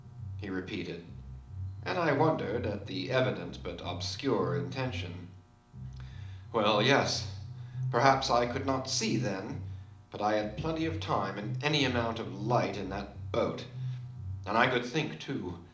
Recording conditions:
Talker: one person; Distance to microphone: 2.0 m; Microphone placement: close; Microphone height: 99 cm; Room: medium-sized (5.7 m by 4.0 m); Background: music

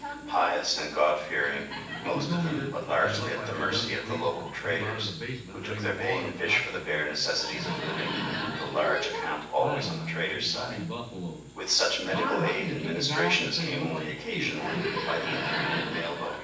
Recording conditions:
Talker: one person; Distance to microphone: 9.8 m; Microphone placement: far; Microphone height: 1.8 m; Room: large; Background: television

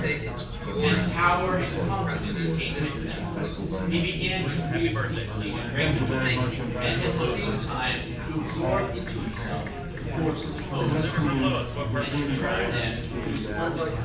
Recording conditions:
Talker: one person; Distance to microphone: 9.8 m; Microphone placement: far; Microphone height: 1.8 m; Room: large; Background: babble

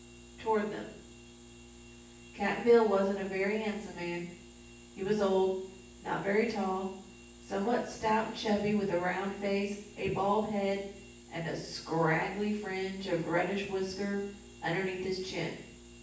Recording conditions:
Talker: one person; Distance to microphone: 9.8 m; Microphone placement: far; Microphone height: 1.8 m; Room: large; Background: none

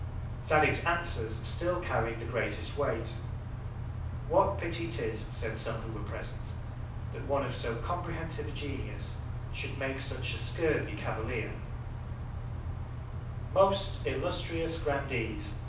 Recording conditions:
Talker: one person; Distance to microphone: 5.8 m; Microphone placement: far; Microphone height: 1.8 m; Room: medium-sized (5.7 m by 4.0 m); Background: none

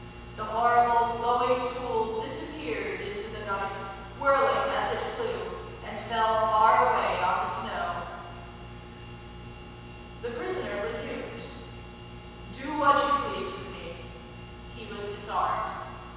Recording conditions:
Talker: one person; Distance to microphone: 7.1 m; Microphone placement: far; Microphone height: 1.7 m; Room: very reverberant, large; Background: none

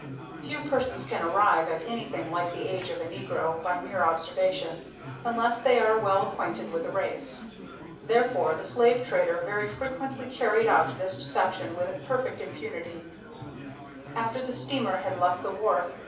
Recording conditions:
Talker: one person; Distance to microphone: 5.8 m; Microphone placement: far; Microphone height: 1.8 m; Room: medium-sized (5.7 m by 4.0 m); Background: babble

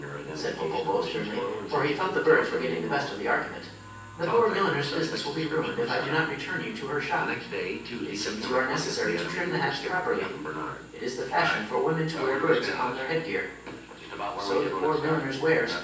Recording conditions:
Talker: one person; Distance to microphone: 9.8 m; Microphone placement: far; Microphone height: 1.8 m; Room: large; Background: television

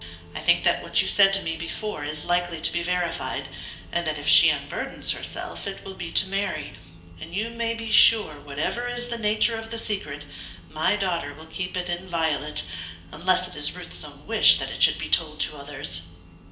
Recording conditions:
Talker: one person; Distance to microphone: 1.8 m; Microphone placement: close; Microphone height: 1.0 m; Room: large; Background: music

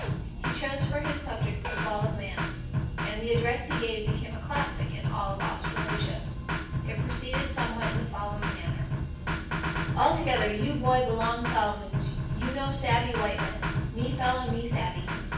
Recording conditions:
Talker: one person; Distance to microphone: 9.8 m; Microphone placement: far; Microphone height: 1.8 m; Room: large; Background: music

